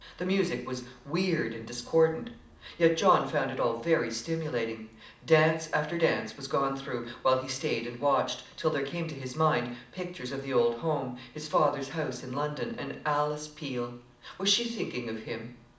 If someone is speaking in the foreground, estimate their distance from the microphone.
2.0 m.